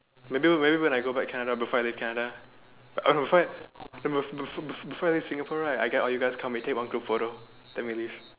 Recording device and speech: telephone, conversation in separate rooms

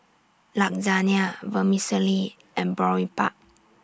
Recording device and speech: standing microphone (AKG C214), read sentence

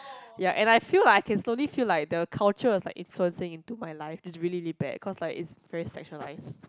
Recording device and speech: close-talking microphone, conversation in the same room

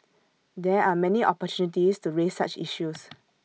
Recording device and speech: mobile phone (iPhone 6), read sentence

